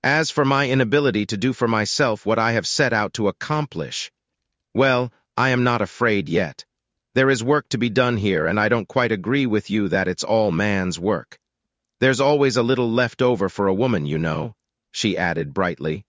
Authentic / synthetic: synthetic